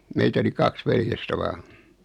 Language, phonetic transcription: Finnish, 'meitä oli "kaks 'veljestä 'vaaɴ .
- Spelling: meitä oli kaksi veljestä vain

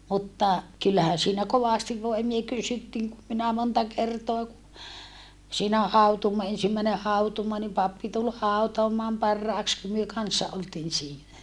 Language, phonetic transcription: Finnish, mutta , kyllähä siinä kovàstiv voimie kysyttiiŋ kum minä monta kertoa ku , siinä hautuumoa ensimmäine hautuumoa nim pappi tul hautoamaam parràeks kum myö kannssa oltiin siinä .
- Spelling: mutta kyllähän siinä kovasti voimia kysyttiin kun minä monta kertaa kun siinä hautuumaa ensimmäinen hautuumaa niin pappi tuli hautaamaan parhaiksi kun me kanssa oltiin siinä

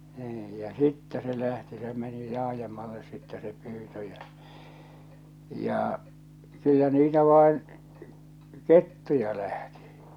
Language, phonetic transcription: Finnish, niij , ja 'sittɛ se lähti se meni 'laajemmalles sittɛ se 'pyytö jä , 'jà , 'kyllä niitä 'vàen , "kettuja lähtɪ .
- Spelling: niin ja sitten se lähti se meni laajemmalle sitten se pyynti ja ja kyllä niitä vain kettuja lähti

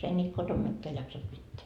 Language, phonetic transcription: Finnish, ei ńiit kotom 'mikkeä jaksat 'pitteä .
- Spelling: ei niitä kotona mikään jaksanut pitää

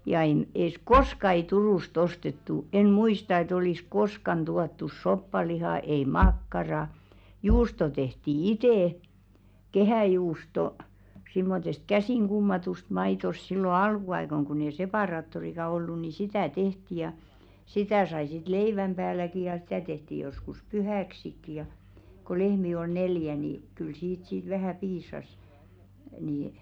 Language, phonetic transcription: Finnish, ja 'en , es "koska ei 'Turùs't ‿ostettu , en "muista et ‿olìs "koskan 'tuattus 'soppalihà ei "makkara , 'juusto tehti "itè , 'kehä̀juusto , simmotest "käsìŋ 'ɢummatust 'maitost sillo 'alkuaikoŋ kunn ‿ei "sepàraattorika ollu ni "sitä̀ 'tehti ja , 'sitä̀ sai sit "leiväm ʙääläki ja 'sⁱtä̀ tehti joskus "pyhä̀ksikki ja , ko 'lehmi ol "neljä ni , kyl 'siit sit 'vähä̀ "piis̳̀§as , nì ,.
- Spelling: ja en - koska ei Turusta ostettu en muista että olisi koskaan tuotu soppalihaa ei makkaraa juusto tehtiin itse kehäjuusto semmoisesta käsin kummatusta maidosta silloin alkuaikoina kun ei separaattoriakaan ollut niin sitä tehtiin ja sitä sai sitten leivän päälläkin ja sitä tehtiin joskus pyhäksikin ja kun lehmiä oli neljä niin kyllä siitä sitten vähän piisasi niin

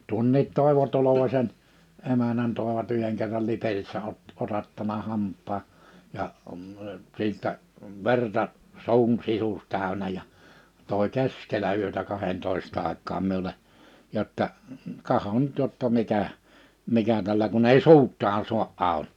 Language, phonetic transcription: Finnish, tuᵒnniit 'Tòevo 'Tolovaśen , 'emänän tòevat 'yheŋ kerral 'Liperissä ot- , 'otattana 'hamp̆paa , 'ja , 'sìttä , 'verta , 'su̬un 'sisus 'tä̀önä ja , 'tòe "keskelä 'yötä 'kahentòes't ‿àek̆kaam 'miule , jotta , » 'kahon nyt jotta 'mikä , 'mikä tällä kunn ‿ei "suut̆taan sua’ '’ào « .
- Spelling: tuon Toivo Tolvasen emännän toivat yhden kerran Liperissä - otattanut hampaan ja sitten verta suun sisus täynnä ja toi keskellä yötä kahdentoista aikaan minulle jotta katso nyt jotta mikä mikä tällä kun ei suutaan saa auki

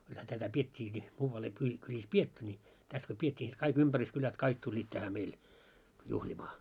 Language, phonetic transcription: Finnish, kulhä 'tätä "piet́t́iiki , muuval ei kyĺi- kyĺis "pietty ńi , täs ko 'piet́t́ii ni sit 'kaik 'ympärys'kylät "kaik tuĺĺiit tähä 'meil , 'juhĺimaa .
- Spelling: kyllähän tätä pidettiinkin muualla ei - kylissä pidetty niin tässä kun pidettiin niin sitten kaikki ympäryskylät kaikki tulivat tähän meille juhlimaan

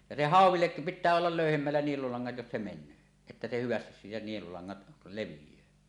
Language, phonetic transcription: Finnish, ja se "hàuw̆willek kup̳ 'pit̆tää ollal 'löyhemmällä 'nielulaŋŋat jos se men̆nöö , että se 'hyvästis siitä nielulaŋŋat 'levij̀öö .
- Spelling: ja se hauellekin kun pitää olla löyhemmällä nielulangat jos se menee että se hyvästi siitä nielulangat leviää

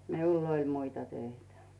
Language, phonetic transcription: Finnish, miull ‿'oĺ 'muita 'töitä .
- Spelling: minulla oli muita töitä

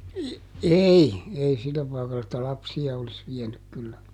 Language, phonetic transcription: Finnish, j- , "ei , ˈei ˈsillä pàikall ‿että "lapsi₍a olis ˈviɛnyk kyllä .
- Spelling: - ei ei sillä paikalla että lapsia olisi vienyt kyllä

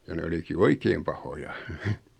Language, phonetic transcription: Finnish, ja 'ne oliki "oikeem pahoja .
- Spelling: ja ne olikin oikein pahoja

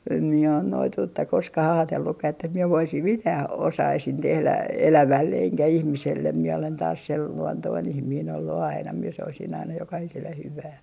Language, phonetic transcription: Finnish, em mie on 'noituutta "koskah 'aatellukkah ‿että mie 'voisim "mitää , 'osaisin 'tehlä , 'elävälle eŋkä "ihmisellem miɛ olen taas 'sel luontoin 'ihmiin ‿ollu aina mie 'soisin aina 'jokahiselle 'hyvää .
- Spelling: en minä ole noituutta koskaan ajatellutkaan että minä voisin mitään osaisin tehdä elävälle enkä ihmiselle minä olen taas sen luontoinen ihminen ollut aina minä soisin aina jokaiselle hyvää

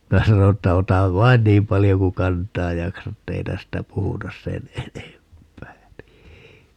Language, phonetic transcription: Finnish, 'minä sano että » 'otav "vain 'niim paljo ku "kant̀aaj 'jaksat [et]'tei 'tästä 'puhutas 'sen "enemp̀ää .
- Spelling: minä sanoin että ota vain niin paljon kuin kantaa jaksat että ei tästä puhuta sen enempää

